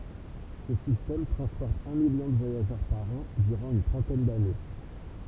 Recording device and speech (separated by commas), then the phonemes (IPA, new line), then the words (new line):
temple vibration pickup, read sentence
sə sistɛm tʁɑ̃spɔʁt œ̃ miljɔ̃ də vwajaʒœʁ paʁ ɑ̃ dyʁɑ̃ yn tʁɑ̃tɛn dane
Ce système transporte un million de voyageurs par an durant une trentaine d'années.